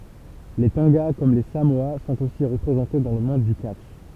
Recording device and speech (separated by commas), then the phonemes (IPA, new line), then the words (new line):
temple vibration pickup, read sentence
le tɔ̃ɡa kɔm le samoa sɔ̃t osi ʁəpʁezɑ̃te dɑ̃ lə mɔ̃d dy katʃ
Les Tonga, comme les Samoa, sont aussi représentés dans le monde du catch.